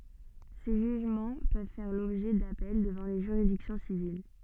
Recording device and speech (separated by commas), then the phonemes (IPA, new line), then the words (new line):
soft in-ear microphone, read sentence
se ʒyʒmɑ̃ pøv fɛʁ lɔbʒɛ dapɛl dəvɑ̃ le ʒyʁidiksjɔ̃ sivil
Ces jugements peuvent faire l'objet d'appels devant les juridictions civiles.